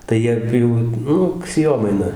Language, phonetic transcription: Lithuanian, tai ˈjie ˈjų ˈnuk sėˈjomaina

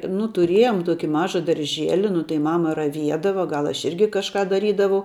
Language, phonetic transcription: Lithuanian, nu tuˈriejom ˈtuoki ˈmaža darˈžieli nu tai ˈmama raˈviedava ˈgal ˈaš ˈirgi kažˈką daˈrydavau

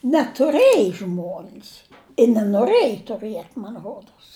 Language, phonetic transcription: Lithuanian, netuˈrėji ˈžmuon's i nenoˈrɘji tuˈrɨet' man ˈrodos

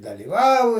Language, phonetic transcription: Lithuanian, dalyˈvau

